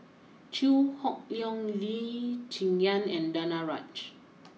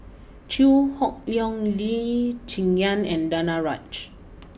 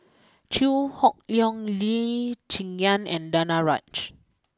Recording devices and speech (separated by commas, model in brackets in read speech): mobile phone (iPhone 6), boundary microphone (BM630), close-talking microphone (WH20), read sentence